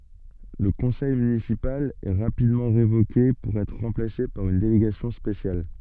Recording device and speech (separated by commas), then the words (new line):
soft in-ear microphone, read sentence
Le conseil municipal est rapidement révoqué pour être remplacé par une délégation spéciale.